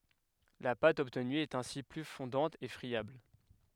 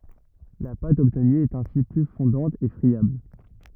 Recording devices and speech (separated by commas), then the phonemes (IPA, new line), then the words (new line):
headset microphone, rigid in-ear microphone, read sentence
la pat ɔbtny ɛt ɛ̃si ply fɔ̃dɑ̃t e fʁiabl
La pâte obtenue est ainsi plus fondante et friable.